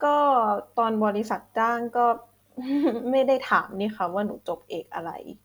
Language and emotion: Thai, frustrated